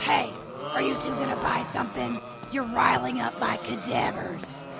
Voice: Gruff Monster Voice